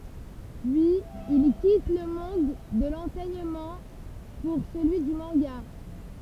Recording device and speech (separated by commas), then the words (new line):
temple vibration pickup, read sentence
Puis il quitte le monde de l'enseignement pour celui du manga.